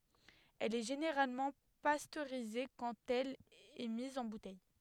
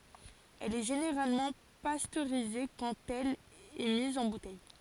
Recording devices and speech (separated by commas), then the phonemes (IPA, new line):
headset microphone, forehead accelerometer, read sentence
ɛl ɛ ʒeneʁalmɑ̃ pastøʁize kɑ̃t ɛl ɛ miz ɑ̃ butɛj